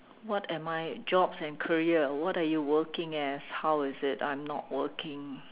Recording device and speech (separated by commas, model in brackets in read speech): telephone, conversation in separate rooms